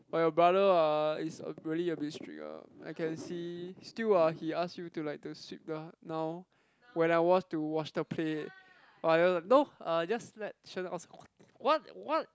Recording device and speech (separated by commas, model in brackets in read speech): close-talking microphone, conversation in the same room